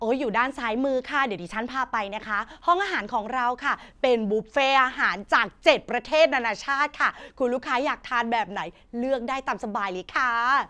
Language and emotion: Thai, happy